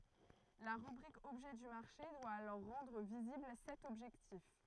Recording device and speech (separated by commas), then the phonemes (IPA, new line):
throat microphone, read sentence
la ʁybʁik ɔbʒɛ dy maʁʃe dwa alɔʁ ʁɑ̃dʁ vizibl sɛt ɔbʒɛktif